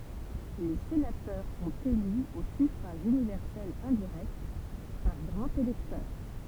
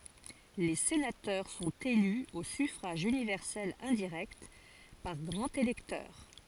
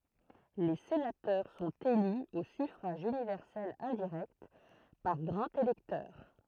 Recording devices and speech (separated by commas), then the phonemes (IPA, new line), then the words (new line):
temple vibration pickup, forehead accelerometer, throat microphone, read sentence
le senatœʁ sɔ̃t ely o syfʁaʒ ynivɛʁsɛl ɛ̃diʁɛkt paʁ ɡʁɑ̃z elɛktœʁ
Les sénateurs sont élus au suffrage universel indirect, par grands électeurs.